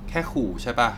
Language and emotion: Thai, frustrated